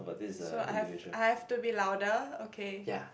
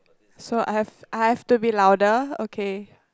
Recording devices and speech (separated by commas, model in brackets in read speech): boundary microphone, close-talking microphone, conversation in the same room